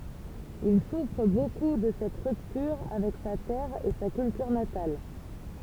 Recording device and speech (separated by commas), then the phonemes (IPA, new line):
temple vibration pickup, read sentence
il sufʁ boku də sɛt ʁyptyʁ avɛk sa tɛʁ e sa kyltyʁ natal